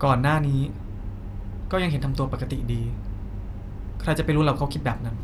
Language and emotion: Thai, frustrated